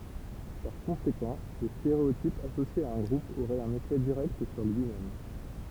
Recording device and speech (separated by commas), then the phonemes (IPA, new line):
temple vibration pickup, read sentence
paʁ kɔ̃sekɑ̃ lə steʁeotip asosje a œ̃ ɡʁup oʁɛt œ̃n efɛ diʁɛkt syʁ lyi mɛm